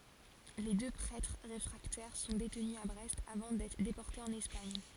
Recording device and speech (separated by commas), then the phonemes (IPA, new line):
forehead accelerometer, read sentence
le dø pʁɛtʁ ʁefʁaktɛʁ sɔ̃ detny a bʁɛst avɑ̃ dɛtʁ depɔʁtez ɑ̃n ɛspaɲ